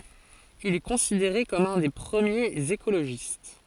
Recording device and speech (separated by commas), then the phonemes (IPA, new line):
forehead accelerometer, read sentence
il ɛ kɔ̃sideʁe kɔm œ̃ de pʁəmjez ekoloʒist